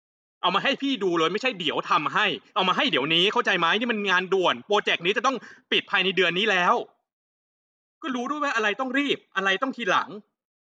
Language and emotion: Thai, angry